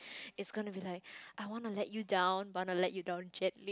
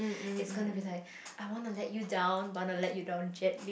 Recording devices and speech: close-talking microphone, boundary microphone, conversation in the same room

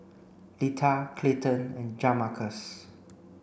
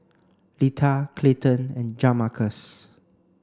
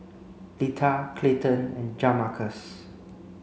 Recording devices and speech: boundary microphone (BM630), standing microphone (AKG C214), mobile phone (Samsung C5), read sentence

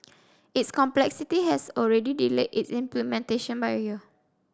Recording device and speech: standing microphone (AKG C214), read sentence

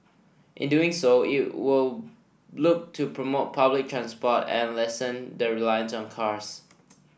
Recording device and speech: boundary microphone (BM630), read sentence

